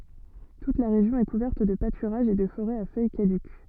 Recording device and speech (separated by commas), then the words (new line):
soft in-ear microphone, read sentence
Toute la région est couverte de pâturages et de forêts à feuilles caduques.